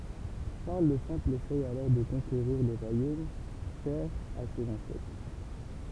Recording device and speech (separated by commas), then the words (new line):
temple vibration pickup, read sentence
Charles le Simple essaie alors de conquérir le royaume cher à ses ancêtres.